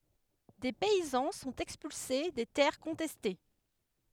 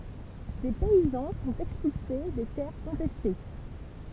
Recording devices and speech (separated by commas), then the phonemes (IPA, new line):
headset microphone, temple vibration pickup, read sentence
de pɛizɑ̃ sɔ̃t ɛkspylse de tɛʁ kɔ̃tɛste